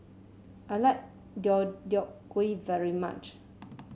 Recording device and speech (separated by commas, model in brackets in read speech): mobile phone (Samsung C7), read sentence